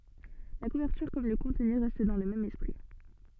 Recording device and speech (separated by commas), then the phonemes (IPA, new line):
soft in-ear microphone, read sentence
la kuvɛʁtyʁ kɔm lə kɔ̃tny ʁɛst dɑ̃ lə mɛm ɛspʁi